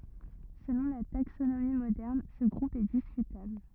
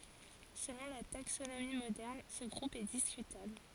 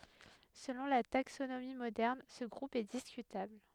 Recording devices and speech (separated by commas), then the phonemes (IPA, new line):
rigid in-ear microphone, forehead accelerometer, headset microphone, read sentence
səlɔ̃ la taksonomi modɛʁn sə ɡʁup ɛ diskytabl